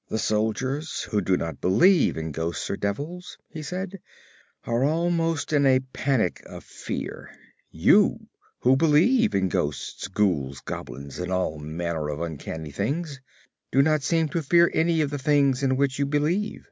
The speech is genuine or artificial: genuine